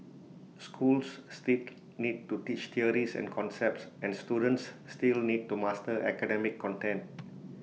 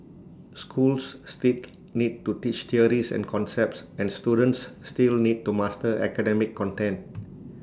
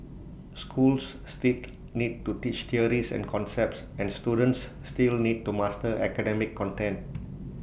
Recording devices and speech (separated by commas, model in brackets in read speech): mobile phone (iPhone 6), standing microphone (AKG C214), boundary microphone (BM630), read sentence